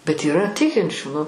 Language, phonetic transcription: Lithuanian, bet yˈra ˈtikinčių nu

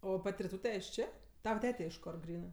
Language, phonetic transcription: Lithuanian, ˈo ˈpat' riˈtūte iš ˈčė ˈtava ˈtete iš ˈkor ˈgrynɜ

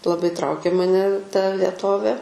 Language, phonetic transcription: Lithuanian, laˈbai ˈtraukė maˈne ta vieˈtovė

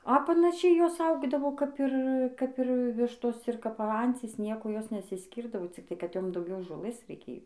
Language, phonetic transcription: Lithuanian, a panaˈšiai ˈjos ˈaugdavo kap ˈir kap ˈir ˈvištos ir kap ˈancys ˈnieku ˈjos nesisˈkyrdavo cikˈtai kad ˈjom dauˈgiau žoˈlɘs reiˈkėjo

